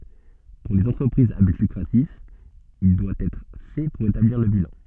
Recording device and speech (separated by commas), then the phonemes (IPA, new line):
soft in-ear microphone, read sentence
puʁ lez ɑ̃tʁəpʁizz a byt lykʁatif il dwa ɛtʁ fɛ puʁ etabliʁ lə bilɑ̃